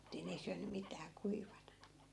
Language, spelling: Finnish, että ei ne ei syönyt mitään kuivana
- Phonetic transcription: (ettei) 'ne ei syäny 'mitää 'kuivana .

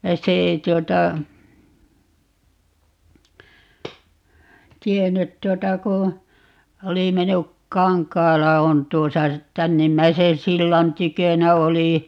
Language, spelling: Finnish, se ei tuota tiennyt tuota kun oli mennyt Kankaala on tuossa tännimmäisen sillan tykönä oli
- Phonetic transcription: "se ei 'tuota , "tiennyt 'tuota ku , 'oli 'mennyk - "Kaŋk̆kaala 'on 'tuosa , 'tännimmäiseè "sillan 'tykönä 'oli .

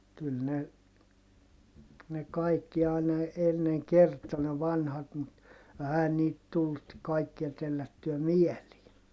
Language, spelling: Finnish, kyllä ne ne kaikki aina ennen kertoi ne vanhat mutta eihän niitä tullut kaikkia tellättyä mieliin
- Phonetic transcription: kyl ne , ne kaikki àina , enneŋ kert̀o ne vanhat mut , ɛhä niit tullut , kaikkia tellättyä mielii .

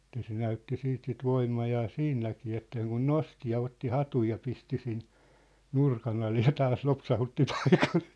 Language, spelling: Finnish, että se näytti sitten sitä voimaa siinäkin että sen kuin nosti ja otti hatun ja pisti sinne nurkan alle ja taas lopsautti takaisin
- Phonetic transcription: ᵉt̀ä se 'näytti 'siit sit "voimmajaa "siinnäkii että̆ seŋkun "nosti ja 'otti "hatuj ja 'pisti 'sin , "nurkan ‿ale ja 'taas 'lopsahutti 'takᴀsɪ .

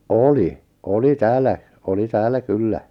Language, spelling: Finnish, oli oli täällä oli täällä kyllä
- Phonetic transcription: oli , "oli "täällä , 'oli "täällä "kyllä .

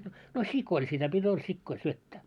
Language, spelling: Finnish, no sioilla sitä piti oli sioille syöttää
- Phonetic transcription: no 'sik̆koil sitä pit́ ‿ol 'sikkoil 'syöttää .

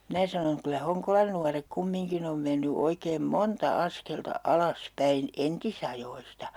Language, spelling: Finnish, minä sanon kyllä Honkolan nuoret kumminkin on mennyt oikein monta askelta alas päin entisajoista
- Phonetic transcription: 'minä sanoŋ » 'kylä "Hoŋkolan nuarek 'kummiŋkin ‿om menny 'oikeem "monta 'askelta "alas "päin 'entisajoista » .

